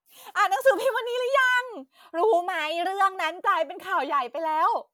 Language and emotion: Thai, happy